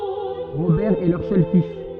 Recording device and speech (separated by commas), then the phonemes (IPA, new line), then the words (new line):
soft in-ear microphone, read sentence
ʁobɛʁ ɛ lœʁ sœl fis
Robert est leur seul fils.